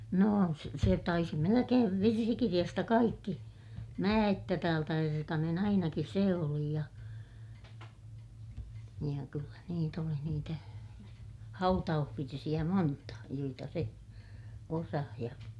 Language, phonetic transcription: Finnish, nò se , se taisi melekeev virsikiriʲasta kaikki , » mää että täältä erkanen » - ainaki sè oli ja , ja kyllä niit ‿oli niitä , hautauhvirsiʲä monta , joita se , osah ja ,.
- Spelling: no se se taisi melkein virsikirjasta kaikki mä että täältä erkanen ainakin se oli ja ja kyllä niitä oli niitä hautausvirsiä monta joita se osasi ja

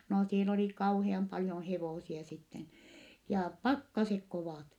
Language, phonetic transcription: Finnish, no siel ‿oli kauheam paljon hevòsia sitten , jaa , pakkasek kovàt .
- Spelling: no siellä oli kauhean paljon hevosia sitten ja pakkaset kovat

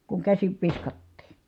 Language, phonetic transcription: Finnish, kuŋ käsiv viskattii .
- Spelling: kun käsin viskattiin

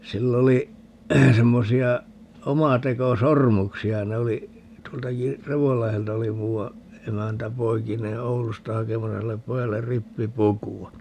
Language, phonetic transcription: Finnish, 'sill ‿oli , 'semmosi₍a , 'omateko"sormuksi₍a - 'ne oli , 'tuoltaki , "Revollahelta oli 'muuwa , 'emäntä 'poikinee "Oulusta 'hakemasa sillep 'pojaller "rippi"pukuwa .
- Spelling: sillä oli semmoisia omatekosormuksia ne oli tuoltakin Revonlahdelta oli muuan emäntä poikineen Oulusta hakemassa sille pojalle rippipukua

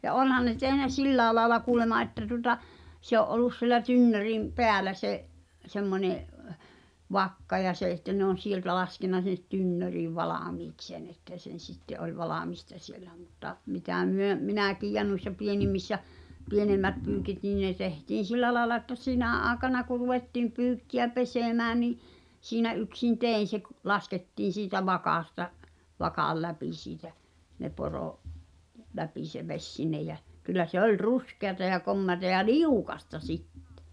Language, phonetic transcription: Finnish, ja "’onhan ne 'tehnä "sillääe laaela 'kuulema ’että tuᵒta , se ‿o’ '’ol̆lus siĕlä 'tynnörim , 'peälä se’ , 'semmońe , "vakka ja se e(t)tä ne ‿on̬ "sieltä lasken̆na sin̆net 'tynnöriiv "valàmiiks sen ‿että sen̬ 'sitte’ ’oĺ "valamista siellä mutta , mitä 'myö , "minä̀kiij ja nuissa 'pienimmissä , 'pienemmät pyykit nìⁿ ne tehtiin̬ "sillä laaᵉla ᵉttä "sinä̀ '’aaᵉkana ku ruvettìm 'pyykki₍ä "pesèmää ni , siinä '’yksin "tèin̬ se k- , laskettiin̬ siitä vakàsta , vakàl läpi siitä , ne poro’- , 'läpi se 'veś sinneʲ jä , kyllä 'se ‿oĺ "ruskeata ja 'kommeata ja "liukasta "sittᴱ .
- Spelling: ja onhan ne tehnyt sillä lailla kuulemma että tuota se oli ollut siellä tynnyrin päällä se semmoinen vakka ja se että ne on sieltä laskenut sinne tynnyriin valmiiksi sen että sen sitten oli valmista siellä mutta mitä me minäkin ja noissa pienimmissä pienemmät pyykit niin ne tehtiin sillä lailla että sinä aikana kun ruvettiin pyykkiä pesemään niin siinä yksin tein se - laskettiin siitä vakasta vakan läpi siitä ne - läpi se vesi sinne ja kyllä se oli ruskeata ja komeata ja liukasta sitten

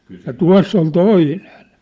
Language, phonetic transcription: Finnish, ja "tua̭ss ‿on "toinen .
- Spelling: ja tuossa on toinen

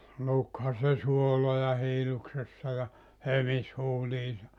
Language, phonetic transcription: Finnish, 'lukha se 'suoloja 'hiiluksessa ja , "hömis 'huuliisa .
- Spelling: lukihan se suoloja hiilloksessa ja hömisi huuliinsa

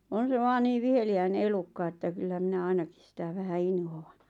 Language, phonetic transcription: Finnish, 'on̬ se vaan 'niiᵛ 'viheli₍äine 'elukka että kyllä 'minä "ainakis sitä 'vähä "inhò₍an .
- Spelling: on se vain niin viheliäinen elukka että kyllä minä ainakin sitä vähän inhoan

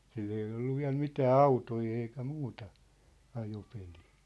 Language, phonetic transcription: Finnish, 'sill(oon) ‿ei ollu 'viä̭l 'mitää "autoi eikä 'muuta , 'ajopelii .
- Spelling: silloin ei ollut vielä mitään autoja eikä muuta ajopeliä

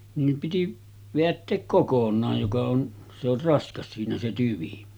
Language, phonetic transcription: Finnish, niim piti , veätteek 'kokon̆naaj joka on , se ‿or 'raskas siinä se 'tyvi .
- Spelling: niin piti vedättää kokonaan joka on se on raskas siinä se tyvi

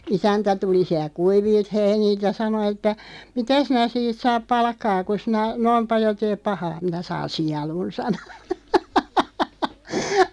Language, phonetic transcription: Finnish, 'isäntä 'tuli siä(lk) "kuivìlt 'heinìlt ja 'sano että , » "mitä 'sinä siit 'saap "palkkaa ku 'sinä , "noim 'paljo 'teep "pahaa ? « » 'minä 'saan "sialun « 'sano .
- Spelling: isäntä tuli sieltä kuivilta heiniltä ja sanoi että mitä sinä siitä saat palkkaa kun sinä noin paljon teet pahaa minä saan sielun sanoi

